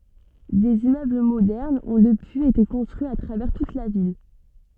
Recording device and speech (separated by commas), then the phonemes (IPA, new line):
soft in-ear microphone, read sentence
dez immøbl modɛʁnz ɔ̃ dəpyiz ete kɔ̃stʁyiz a tʁavɛʁ tut la vil